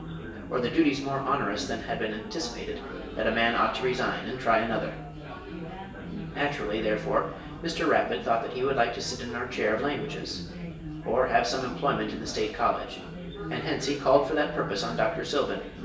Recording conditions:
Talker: one person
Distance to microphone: 1.8 m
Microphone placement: close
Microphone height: 1.0 m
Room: large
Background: babble

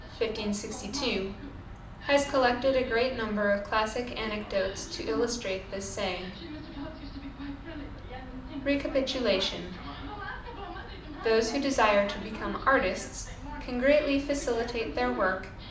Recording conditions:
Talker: one person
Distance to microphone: 2.0 m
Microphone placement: close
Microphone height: 99 cm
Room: medium-sized (5.7 m by 4.0 m)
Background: television

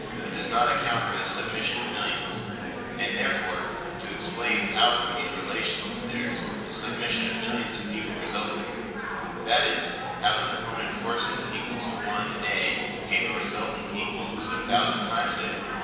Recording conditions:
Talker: one person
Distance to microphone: 1.7 m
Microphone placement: close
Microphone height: 1.0 m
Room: very reverberant, large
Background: babble

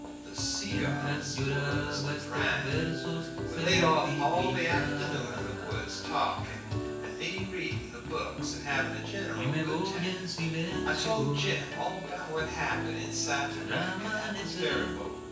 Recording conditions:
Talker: one person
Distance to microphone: 9.8 m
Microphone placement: far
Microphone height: 1.8 m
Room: large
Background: music

